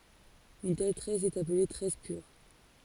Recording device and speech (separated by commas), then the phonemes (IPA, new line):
forehead accelerometer, read sentence
yn tɛl tʁɛs ɛt aple tʁɛs pyʁ